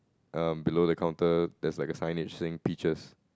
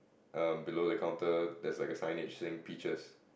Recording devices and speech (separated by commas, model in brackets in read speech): close-talking microphone, boundary microphone, conversation in the same room